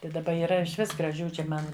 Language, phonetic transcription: Lithuanian, tai daˈba yˈra išˈvis graˈžių či ˈman

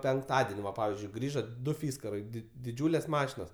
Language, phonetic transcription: Lithuanian, penkˈtaden' va ˈpavizdžiui ˈgrįžo ˈdu ˈfyskarai di diˈdžiūlės ˈmašinos

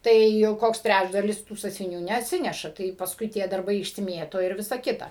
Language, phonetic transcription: Lithuanian, ˈtai jau ˈkoks ˈtræčdalis tų sąsviˈnių neatˈsineša tai pasˈkui tie darˈbai išsiˈmieto ir ˈvisa ˈkita

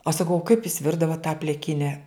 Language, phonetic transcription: Lithuanian, aš saˈkau o kaip jus ˈvirdavot tą pliˈkine

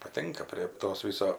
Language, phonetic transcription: Lithuanian, paˈtinka prie ˈtos ˈviso

